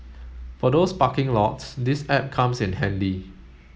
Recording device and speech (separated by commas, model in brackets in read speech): mobile phone (Samsung S8), read sentence